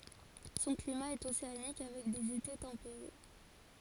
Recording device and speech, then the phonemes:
forehead accelerometer, read sentence
sɔ̃ klima ɛt oseanik avɛk dez ete tɑ̃peʁe

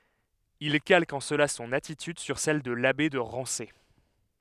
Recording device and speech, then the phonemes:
headset microphone, read sentence
il kalk ɑ̃ səla sɔ̃n atityd syʁ sɛl də labe də ʁɑ̃se

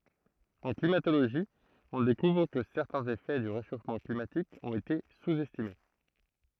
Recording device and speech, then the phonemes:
throat microphone, read sentence
ɑ̃ klimatoloʒi ɔ̃ dekuvʁ kə sɛʁtɛ̃z efɛ dy ʁeʃofmɑ̃ klimatik ɔ̃t ete suz ɛstime

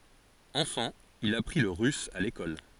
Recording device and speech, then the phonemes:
forehead accelerometer, read sentence
ɑ̃fɑ̃ il apʁi lə ʁys a lekɔl

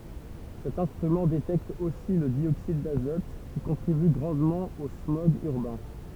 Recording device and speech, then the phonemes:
temple vibration pickup, read sentence
sɛt ɛ̃stʁymɑ̃ detɛkt osi lə djoksid dazɔt ki kɔ̃tʁiby ɡʁɑ̃dmɑ̃ o smɔɡz yʁbɛ̃

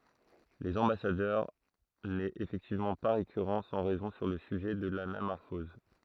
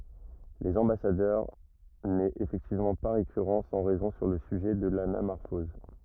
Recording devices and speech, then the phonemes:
throat microphone, rigid in-ear microphone, read sentence
lez ɑ̃basadœʁ nɛt efɛktivmɑ̃ pa ʁekyʁɑ̃ sɑ̃ ʁɛzɔ̃ syʁ lə syʒɛ də lanamɔʁfɔz

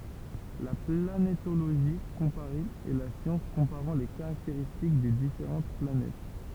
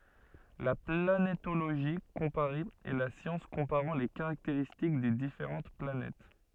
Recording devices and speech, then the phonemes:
temple vibration pickup, soft in-ear microphone, read sentence
la planetoloʒi kɔ̃paʁe ɛ la sjɑ̃s kɔ̃paʁɑ̃ le kaʁakteʁistik de difeʁɑ̃t planɛt

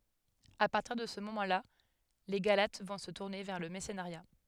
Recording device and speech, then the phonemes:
headset microphone, read sentence
a paʁtiʁ də sə momɑ̃ la le ɡalat vɔ̃ sə tuʁne vɛʁ lə mɛʁsənəʁja

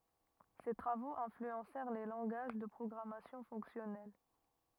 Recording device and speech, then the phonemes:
rigid in-ear microphone, read sentence
se tʁavoz ɛ̃flyɑ̃sɛʁ le lɑ̃ɡaʒ də pʁɔɡʁamasjɔ̃ fɔ̃ksjɔnɛl

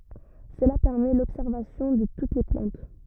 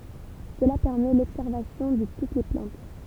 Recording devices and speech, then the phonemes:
rigid in-ear microphone, temple vibration pickup, read sentence
səla pɛʁmɛ lɔbsɛʁvasjɔ̃ də tut le plɑ̃t

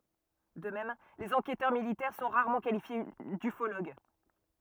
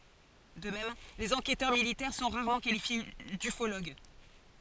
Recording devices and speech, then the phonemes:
rigid in-ear microphone, forehead accelerometer, read sentence
də mɛm lez ɑ̃kɛtœʁ militɛʁ sɔ̃ ʁaʁmɑ̃ kalifje dyfoloɡ

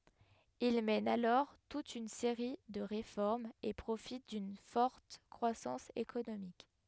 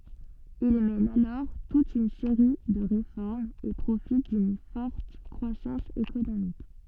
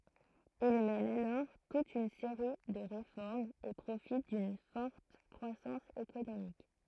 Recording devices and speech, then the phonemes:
headset microphone, soft in-ear microphone, throat microphone, read sentence
il mɛn alɔʁ tut yn seʁi də ʁefɔʁmz e pʁofit dyn fɔʁt kʁwasɑ̃s ekonomik

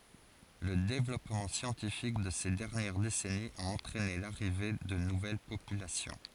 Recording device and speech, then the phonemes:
forehead accelerometer, read sentence
lə devlɔpmɑ̃ sjɑ̃tifik də se dɛʁnjɛʁ desɛniz a ɑ̃tʁɛne laʁive də nuvɛl popylasjɔ̃

